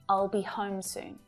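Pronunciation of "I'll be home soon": In 'I'll be home soon', the verb 'be' is not stressed and is said as a shorter version.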